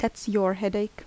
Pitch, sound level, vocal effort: 205 Hz, 78 dB SPL, soft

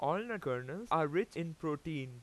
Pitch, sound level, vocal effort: 160 Hz, 92 dB SPL, very loud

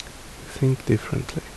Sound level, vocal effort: 66 dB SPL, soft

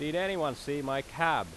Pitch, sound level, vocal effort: 145 Hz, 94 dB SPL, very loud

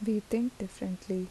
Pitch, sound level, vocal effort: 200 Hz, 75 dB SPL, soft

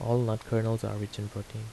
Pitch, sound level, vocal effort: 110 Hz, 78 dB SPL, soft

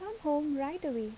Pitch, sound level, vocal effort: 290 Hz, 78 dB SPL, soft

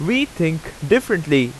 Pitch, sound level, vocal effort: 165 Hz, 90 dB SPL, very loud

